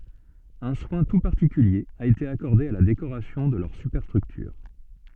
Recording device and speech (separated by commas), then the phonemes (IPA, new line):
soft in-ear microphone, read sentence
œ̃ swɛ̃ tu paʁtikylje a ete akɔʁde a la dekoʁasjɔ̃ də lœʁ sypɛʁstʁyktyʁ